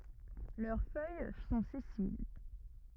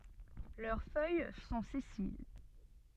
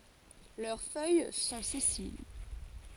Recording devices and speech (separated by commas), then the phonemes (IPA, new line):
rigid in-ear microphone, soft in-ear microphone, forehead accelerometer, read sentence
lœʁ fœj sɔ̃ sɛsil